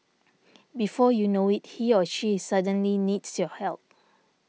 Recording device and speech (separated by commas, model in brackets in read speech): mobile phone (iPhone 6), read sentence